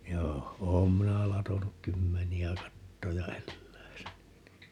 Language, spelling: Finnish, joo olen minä latonut kymmeniä kattoja eläissäni niin
- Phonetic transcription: 'joo , 'oom 'minä 'latonuk "kymmeni₍ä 'kattoja 'elläisäni (ni) .

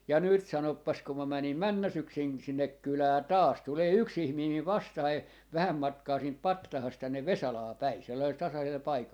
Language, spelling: Finnish, ja nyt sanopas kun minä menin menneenä syksynä sinne kylään taas tulee yksi ihminen minun vastaani vähän matkaa siitä patsaasta tänne Vesalaan päin sellaisella tasaisella paikalla
- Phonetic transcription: ja "nyt 'sanoppas kum mä 'mänim "männä 'syksin sinnek 'kylää "taas , tulee 'yks 'ihmii miv 'vastahai , 'vähäm matkaa 'siint "pattahast 'tännev "Vesalaa 'päi , sellai(sel) 'tasasel 'paikal .

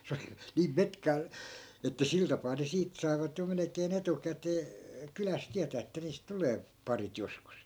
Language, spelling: Finnish, se oli niin metkaa että sillä tapaa ne siitä saivat jo melkein etukäteen kylässä tietää että niistä tulee parit joskus
- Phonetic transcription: 'se oli , 'niim "metkaa , että 'sil tapaa ne 'siit sai̮vat jo melekee'n ‿etukätee , 'kyläs "tiätää että niist 'tulee , 'parit 'joskus .

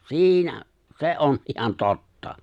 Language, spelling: Finnish, siinä se on ihan totta
- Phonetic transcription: si̬inä , "se̬ ’on ihan 'totta .

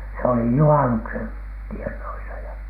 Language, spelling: Finnish, se oli juhannuksen tienoissa ja
- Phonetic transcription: se oli "juhanuksen tiehnoisa ‿ja .

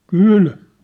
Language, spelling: Finnish, kyllä
- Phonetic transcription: kŷl .

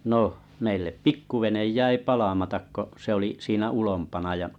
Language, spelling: Finnish, no meille pikkuvene jäi palamatta kun se oli siinä ulompana
- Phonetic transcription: no , meillep "pikkuvenej 'jäi 'palamatak ko , se oli 'siinä , 'ulompana .

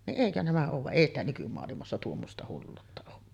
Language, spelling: Finnish, niin eikö nämä olen vaan ei sitä nykymaailmassa tuommoista hulluutta ole kyllä
- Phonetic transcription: ni’ '’èikö nämä oov vaˀ "ˀèi ‿stä nykymoalimassa 'tuommosta 'hulluutta ook kyllä .

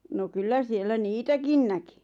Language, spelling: Finnish, no kyllä siellä niitäkin näki
- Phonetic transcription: no 'kyllä 'siellä "niitäkin näki .

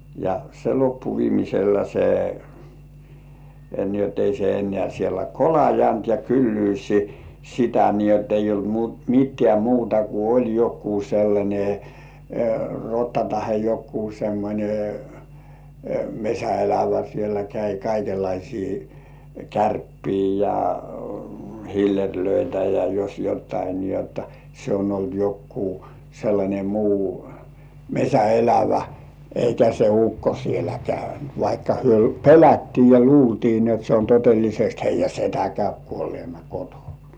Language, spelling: Finnish, ja se loppui viimeisellä se niin jotta ei se enää siellä kolannut ja kylyys sitä niin jotta ei ollut - mitään muuta kuin oli joku sellainen rotta tai joku semmoinen metsänelävä siellä kävi kaikenlaisia kärppiä ja hillereitä ja jos jotakin niin jotta se on ollut joku sellainen muu metsänelävä eikä se ukko siellä käynyt vaikka he pelättiin ja luultiin niin jotta se on todellisesti heidän setä käy kuolleena kotona
- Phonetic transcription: ja se loppu viimisellä se , ni ‿ot ei se en̆nĕä sielä kolajant ja 'kyllyysi , sitä ni ‿ott ‿eijj ‿olt mu- , 'mittĕ§ä̀ "muuta ku oĺ 'jokkuu sellańe "rotta tahe jokkuu semmońe , "meśä₍elävä siellä käi 'kaikellaisii , "kärppii ja "hiller̜löitä ja jos jottai ni jotta , se on ‿olt jokkuu sellańe 'muu , "meśä₍elävä , 'eikä se "ukko sielä 'käynt 'vaikka hyö "pelättii ja "luultii ni ‿ot se on tot̳§ellisest 'heij̆jä "setä käyp 'kuollĭ§èna kotonᴀ .

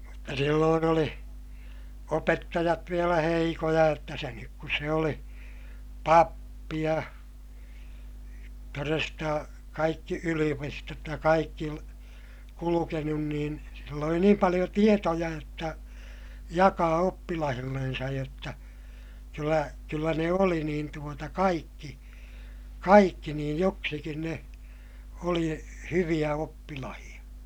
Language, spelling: Finnish, mutta silloin oli opettajat vielä heikkoja jotta senkin kun se oli pappi ja todesta kaikki yliopistot ja kaikki kulkenut niin sillä oli niin paljon tietoja jotta jakaa oppilailleen jotta kyllä kyllä ne oli niin tuota kaikki kaikki niin joksikin ne oli hyviä oppilaita
- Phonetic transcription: mutta silloon ‿oli , opettajat vielä heikoja jotta seŋkik kus se oli , pappi ja , toresta , kaikki yli₍opistot ja kaikki , kulukenun niin , sill ‿oli niim paliʲo tietoja jotta , jakaa oppilahillensaj jotta , kyllä , kyllä ne oli niin tuota kaikki , kaikki niij joksikin ne , oli hyviʲä oppilahiʲa .

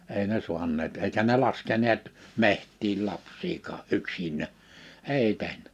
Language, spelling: Finnish, ei ne saaneet eikä ne laskeneet metsiin lapsiakaan yksinään ei tehnyt
- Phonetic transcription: 'èi ne 'su̬anneet èikä ne laskeneet , 'meht̆tiil 'laps̀iikaa '’yksiǹä , 'èi tehn(yt) .

